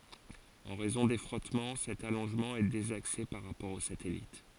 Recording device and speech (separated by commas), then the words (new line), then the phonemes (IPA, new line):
forehead accelerometer, read sentence
En raison des frottements, cet allongement est désaxé par rapport au satellite.
ɑ̃ ʁɛzɔ̃ de fʁɔtmɑ̃ sɛt alɔ̃ʒmɑ̃ ɛ dezakse paʁ ʁapɔʁ o satɛlit